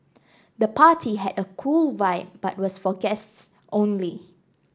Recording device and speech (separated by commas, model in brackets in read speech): standing microphone (AKG C214), read sentence